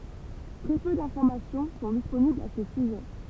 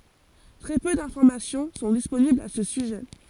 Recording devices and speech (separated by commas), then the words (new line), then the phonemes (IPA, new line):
temple vibration pickup, forehead accelerometer, read sentence
Très peu d'informations sont disponibles à ce sujet.
tʁɛ pø dɛ̃fɔʁmasjɔ̃ sɔ̃ disponiblz a sə syʒɛ